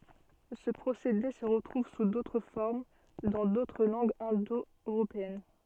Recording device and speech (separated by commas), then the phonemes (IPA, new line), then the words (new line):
soft in-ear microphone, read sentence
sə pʁosede sə ʁətʁuv su dotʁ fɔʁm dɑ̃ dotʁ lɑ̃ɡz ɛ̃do øʁopeɛn
Ce procédé se retrouve sous d'autres formes dans d'autres langues indo-européennes.